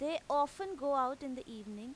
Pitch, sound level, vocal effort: 280 Hz, 92 dB SPL, loud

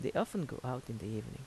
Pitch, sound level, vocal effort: 130 Hz, 77 dB SPL, soft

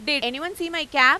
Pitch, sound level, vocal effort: 300 Hz, 101 dB SPL, loud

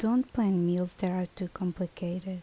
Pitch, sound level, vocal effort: 185 Hz, 74 dB SPL, soft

